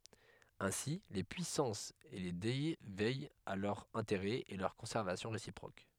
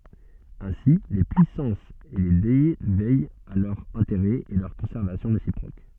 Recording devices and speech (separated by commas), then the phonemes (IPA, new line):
headset microphone, soft in-ear microphone, read sentence
ɛ̃si le pyisɑ̃sz e le dɛ vɛjt a lœʁz ɛ̃teʁɛz e lœʁ kɔ̃sɛʁvasjɔ̃ ʁesipʁok